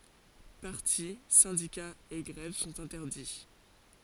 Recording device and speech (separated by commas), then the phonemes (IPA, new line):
forehead accelerometer, read sentence
paʁti sɛ̃dikaz e ɡʁɛv sɔ̃t ɛ̃tɛʁdi